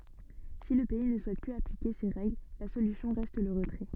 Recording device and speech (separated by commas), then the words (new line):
soft in-ear microphone, read sentence
Si le pays ne souhaite plus appliquer ces règles, la solution reste le retrait.